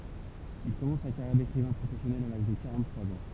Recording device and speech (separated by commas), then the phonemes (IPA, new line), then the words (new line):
temple vibration pickup, read sentence
il kɔmɑ̃s sa kaʁjɛʁ dekʁivɛ̃ pʁofɛsjɔnɛl a laʒ də kaʁɑ̃ttʁwaz ɑ̃
Il commence sa carrière d’écrivain professionnel à l’âge de quarante-trois ans.